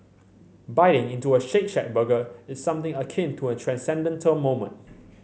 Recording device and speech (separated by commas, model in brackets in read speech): mobile phone (Samsung C7100), read sentence